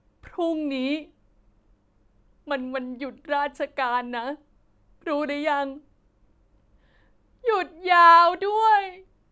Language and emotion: Thai, sad